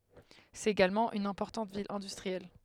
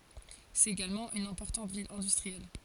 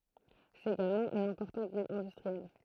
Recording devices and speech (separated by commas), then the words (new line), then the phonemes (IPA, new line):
headset microphone, forehead accelerometer, throat microphone, read sentence
C'est également une importante ville industrielle.
sɛt eɡalmɑ̃ yn ɛ̃pɔʁtɑ̃t vil ɛ̃dystʁiɛl